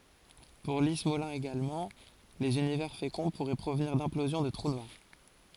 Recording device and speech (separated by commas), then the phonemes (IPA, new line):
forehead accelerometer, read sentence
puʁ li smolin eɡalmɑ̃ lez ynivɛʁ fekɔ̃ puʁɛ pʁovniʁ dɛ̃plozjɔ̃ də tʁu nwaʁ